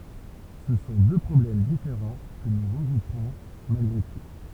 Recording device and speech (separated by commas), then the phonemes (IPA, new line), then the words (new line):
temple vibration pickup, read sentence
sə sɔ̃ dø pʁɔblɛm difeʁɑ̃ kə nu ʁəɡʁupʁɔ̃ malɡʁe tu
Ce sont deux problèmes différents que nous regrouperons malgré tout.